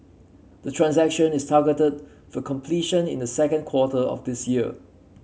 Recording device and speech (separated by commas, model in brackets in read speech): mobile phone (Samsung C7), read sentence